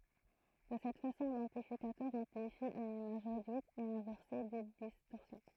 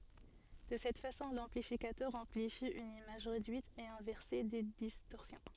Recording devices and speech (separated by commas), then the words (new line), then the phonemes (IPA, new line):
throat microphone, soft in-ear microphone, read sentence
De cette façon, l’amplificateur amplifie une image réduite et inversée des distorsions.
də sɛt fasɔ̃ lɑ̃plifikatœʁ ɑ̃plifi yn imaʒ ʁedyit e ɛ̃vɛʁse de distɔʁsjɔ̃